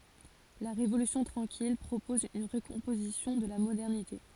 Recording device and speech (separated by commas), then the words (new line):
forehead accelerometer, read sentence
La Révolution tranquille propose une recomposition de la modernité.